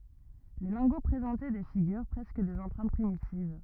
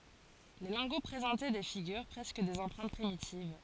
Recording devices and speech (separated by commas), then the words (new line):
rigid in-ear microphone, forehead accelerometer, read sentence
Les lingots présentaient des figures, presque des empreintes primitives.